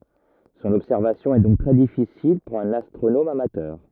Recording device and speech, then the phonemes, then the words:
rigid in-ear microphone, read sentence
sɔ̃n ɔbsɛʁvasjɔ̃ ɛ dɔ̃k tʁɛ difisil puʁ œ̃n astʁonom amatœʁ
Son observation est donc très difficile pour un astronome amateur.

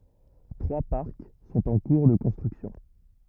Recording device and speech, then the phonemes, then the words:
rigid in-ear microphone, read sentence
tʁwa paʁk sɔ̃t ɑ̃ kuʁ də kɔ̃stʁyksjɔ̃
Trois parcs sont en cours de construction.

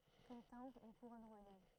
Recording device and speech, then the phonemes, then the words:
throat microphone, read sentence
kɔm tɛ̃bʁ yn kuʁɔn ʁwajal
Comme timbre, une couronne royale.

